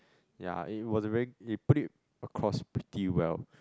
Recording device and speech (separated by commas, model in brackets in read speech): close-talking microphone, conversation in the same room